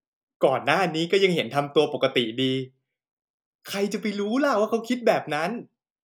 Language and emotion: Thai, happy